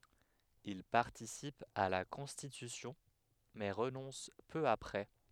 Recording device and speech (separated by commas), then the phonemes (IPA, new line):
headset microphone, read sentence
il paʁtisip a la kɔ̃stitysjɔ̃ mɛ ʁənɔ̃s pø apʁɛ